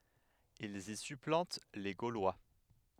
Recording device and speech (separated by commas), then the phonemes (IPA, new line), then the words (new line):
headset microphone, read sentence
ilz i syplɑ̃t le ɡolwa
Ils y supplantent les Gaulois.